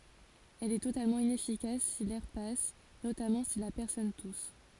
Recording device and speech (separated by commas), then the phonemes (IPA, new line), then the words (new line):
forehead accelerometer, read sentence
ɛl ɛ totalmɑ̃ inɛfikas si lɛʁ pas notamɑ̃ si la pɛʁsɔn tus
Elle est totalement inefficace si l'air passe, notamment si la personne tousse.